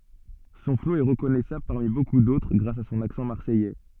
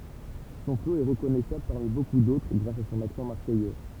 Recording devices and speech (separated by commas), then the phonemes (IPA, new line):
soft in-ear microphone, temple vibration pickup, read sentence
sɔ̃ flo ɛ ʁəkɔnɛsabl paʁmi boku dotʁ ɡʁas a sɔ̃n aksɑ̃ maʁsɛjɛ